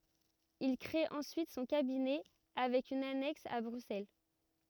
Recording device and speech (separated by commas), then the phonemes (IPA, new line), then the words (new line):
rigid in-ear microphone, read sentence
il kʁee ɑ̃syit sɔ̃ kabinɛ avɛk yn anɛks a bʁyksɛl
Il créé ensuite son cabinet avec une annexe à Bruxelles.